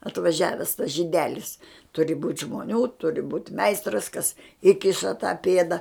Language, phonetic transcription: Lithuanian, atvaˈžiaves tas žyˈdelis ˈturi būt' žmoˈnių ˈturi būt' ˈmeistras kas ˈįkiša tą ˈpėda

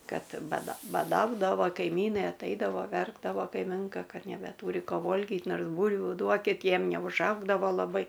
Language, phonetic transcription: Lithuanian, ˈkad baˈda baˈdaudavo kaiˈmynai atˈaidavo ˈverkdavo kaiˈminka ˈkad nebeˈtūri ˈko ˈvolgit ˈnors ˈbūlviu ˈduokit ˈjiem neužˈaugdavo laˈbai

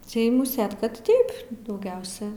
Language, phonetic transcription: Lithuanian, ˈtai muˈsėt ˈkad ˈtaip dauˈgiausia

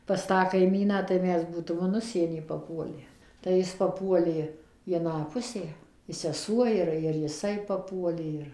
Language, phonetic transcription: Lithuanian, pas ˈtą kaiˈmyną tai ˈmes ˈbūtum in ˈužsienį paˈpuolę tai ˈjis paˈpuolė į aˈną ˈpusę i seˈsuo ˈir ir jiˈsai paˈpuolė ˈir

